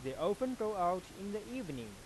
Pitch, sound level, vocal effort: 190 Hz, 94 dB SPL, normal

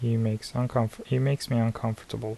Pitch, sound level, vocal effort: 115 Hz, 75 dB SPL, soft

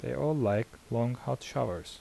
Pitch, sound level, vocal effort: 115 Hz, 78 dB SPL, soft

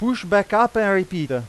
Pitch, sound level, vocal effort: 200 Hz, 97 dB SPL, very loud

